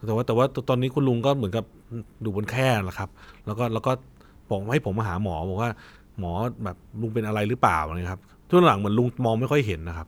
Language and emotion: Thai, neutral